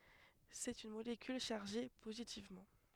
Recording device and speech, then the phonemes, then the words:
headset microphone, read sentence
sɛt yn molekyl ʃaʁʒe pozitivmɑ̃
C'est une molécule chargée positivement.

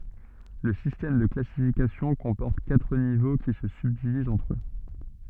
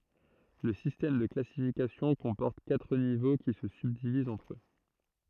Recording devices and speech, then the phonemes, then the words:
soft in-ear microphone, throat microphone, read sentence
lə sistɛm də klasifikasjɔ̃ kɔ̃pɔʁt katʁ nivo ki sə sybdivizt ɑ̃tʁ ø
Le système de classification comporte quatre niveaux qui se subdivisent entre eux.

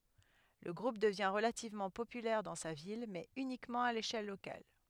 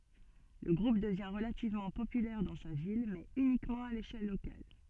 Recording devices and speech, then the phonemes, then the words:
headset microphone, soft in-ear microphone, read sentence
lə ɡʁup dəvjɛ̃ ʁəlativmɑ̃ popylɛʁ dɑ̃ sa vil mɛz ynikmɑ̃ a leʃɛl lokal
Le groupe devient relativement populaire dans sa ville, mais uniquement à l'échelle locale.

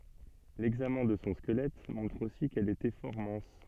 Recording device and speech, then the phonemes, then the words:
soft in-ear microphone, read sentence
lɛɡzamɛ̃ də sɔ̃ skəlɛt mɔ̃tʁ osi kɛl etɛ fɔʁ mɛ̃s
L'examen de son squelette montre aussi qu'elle était fort mince.

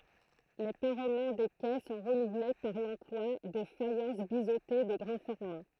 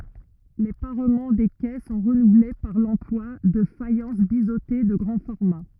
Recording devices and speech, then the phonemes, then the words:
throat microphone, rigid in-ear microphone, read sentence
le paʁmɑ̃ de kɛ sɔ̃ ʁənuvle paʁ lɑ̃plwa də fajɑ̃s bizote də ɡʁɑ̃ fɔʁma
Les parements des quais sont renouvelés par l’emploi de faïences biseautées de grand format.

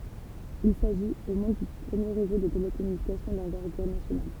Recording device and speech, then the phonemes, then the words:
temple vibration pickup, read sentence
il saʒit o mɔ̃d dy pʁəmje ʁezo də telekɔmynikasjɔ̃ dɑ̃vɛʁɡyʁ nasjonal
Il s'agit, au monde, du premier réseau de télécommunications d'envergure nationale.

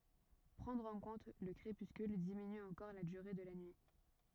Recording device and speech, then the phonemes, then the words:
rigid in-ear microphone, read sentence
pʁɑ̃dʁ ɑ̃ kɔ̃t lə kʁepyskyl diminy ɑ̃kɔʁ la dyʁe də la nyi
Prendre en compte le crépuscule diminue encore la durée de la nuit.

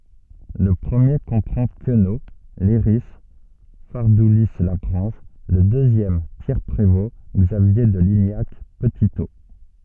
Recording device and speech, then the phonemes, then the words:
soft in-ear microphone, read sentence
lə pʁəmje kɔ̃pʁɑ̃ kəno lɛʁi faʁduli laɡʁɑ̃ʒ lə døzjɛm pjɛʁ pʁevo ɡzavje də liɲak pətito
Le premier comprend Queneau, Leiris, Fardoulis-Lagrange, le deuxième Pierre Prévost, Xavier de Lignac, Petitot.

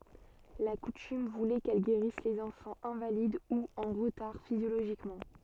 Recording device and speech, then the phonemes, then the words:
soft in-ear microphone, read sentence
la kutym vulɛ kɛl ɡeʁis lez ɑ̃fɑ̃z ɛ̃valid u ɑ̃ ʁətaʁ fizjoloʒikmɑ̃
La coutume voulait qu'elle guérisse les enfants invalides ou en retard physiologiquement.

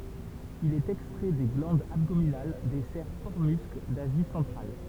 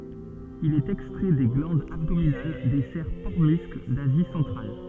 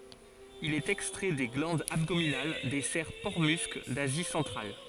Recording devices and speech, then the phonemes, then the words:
temple vibration pickup, soft in-ear microphone, forehead accelerometer, read sentence
il ɛt ɛkstʁɛ de ɡlɑ̃dz abdominal de sɛʁ pɔʁtəmysk dazi sɑ̃tʁal
Il est extrait des glandes abdominales des cerfs porte-musc d'Asie centrale.

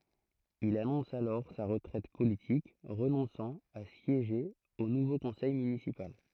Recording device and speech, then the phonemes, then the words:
throat microphone, read sentence
il anɔ̃s alɔʁ sa ʁətʁɛt politik ʁənɔ̃sɑ̃ a sjeʒe o nuvo kɔ̃sɛj mynisipal
Il annonce alors sa retraite politique, renonçant à siéger au nouveau conseil municipal.

